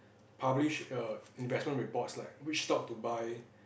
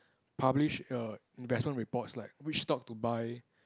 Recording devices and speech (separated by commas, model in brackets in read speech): boundary microphone, close-talking microphone, conversation in the same room